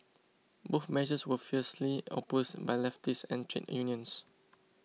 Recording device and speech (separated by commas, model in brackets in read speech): mobile phone (iPhone 6), read sentence